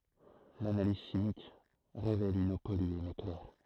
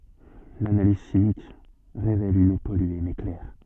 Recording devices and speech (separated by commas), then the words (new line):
throat microphone, soft in-ear microphone, read sentence
L'analyse chimique révèle une eau polluée mais claire.